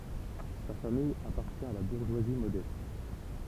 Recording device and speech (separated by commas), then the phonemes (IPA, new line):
temple vibration pickup, read sentence
sa famij apaʁtjɛ̃ a la buʁʒwazi modɛst